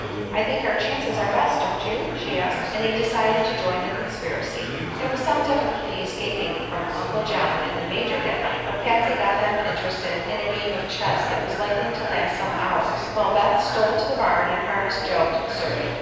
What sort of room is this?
A very reverberant large room.